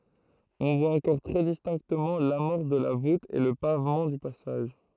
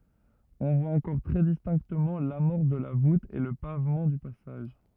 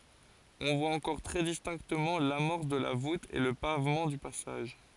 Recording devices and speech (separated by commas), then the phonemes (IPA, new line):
throat microphone, rigid in-ear microphone, forehead accelerometer, read sentence
ɔ̃ vwa ɑ̃kɔʁ tʁɛ distɛ̃ktəmɑ̃ lamɔʁs də la vut e lə pavmɑ̃ dy pasaʒ